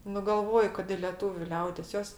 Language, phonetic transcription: Lithuanian, nu ˈgalvoju kad i lieˈtūviu ˈliaudės ˈjos

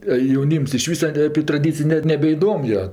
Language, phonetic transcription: Lithuanian, a jauˈnyms iš ˈvysa ape traˈdycij net nebeiˈdom jo

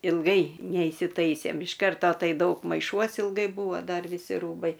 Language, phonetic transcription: Lithuanian, ilˈgai neįsiˈtaisėm iš ˈkarto ˈtai ˈdaug maiˈšuos ilˈgai ˈbūvo ˈdar viˈsi ˈrūbai

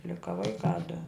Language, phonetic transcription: Lithuanian, ˈlika ˈvaikā du

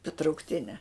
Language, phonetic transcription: Lithuanian, ta traukˈtine

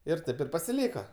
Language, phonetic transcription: Lithuanian, ir ˈtaip ir pasiˈlyka

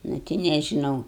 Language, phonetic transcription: Lithuanian, nu ˈti nežiˈnau

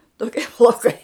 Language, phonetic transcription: Lithuanian, toˈkie plauˈkai

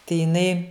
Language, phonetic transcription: Lithuanian, tai jiˈnai

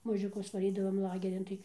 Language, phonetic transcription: Lithuanian, mažiuˈkus vaˈrydavam ˈlagerin ˈtai

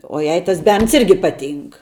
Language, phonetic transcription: Lithuanian, o ˈjai tas ˈberns ˈirgi ˈ ˈpaˌtynk

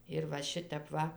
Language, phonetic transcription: Lithuanian, ir va ˈšitep ˈva

